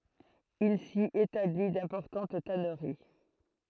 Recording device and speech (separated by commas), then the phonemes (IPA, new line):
throat microphone, read sentence
il si etabli dɛ̃pɔʁtɑ̃t tanəʁi